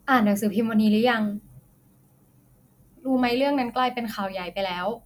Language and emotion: Thai, neutral